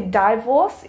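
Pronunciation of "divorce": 'divorce' is pronounced incorrectly here.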